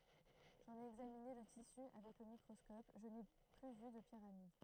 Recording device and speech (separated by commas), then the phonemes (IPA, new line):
throat microphone, read sentence
ʒɑ̃n e ɛɡzamine lə tisy avɛk lə mikʁɔskɔp ʒə ne ply vy də piʁamid